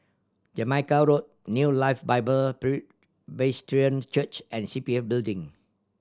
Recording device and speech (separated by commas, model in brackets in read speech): standing microphone (AKG C214), read sentence